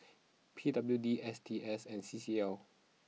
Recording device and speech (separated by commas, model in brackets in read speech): mobile phone (iPhone 6), read sentence